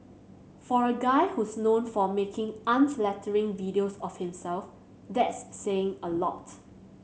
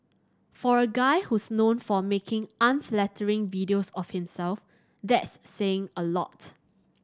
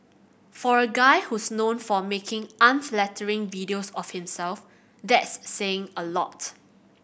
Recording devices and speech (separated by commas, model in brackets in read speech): mobile phone (Samsung C7100), standing microphone (AKG C214), boundary microphone (BM630), read sentence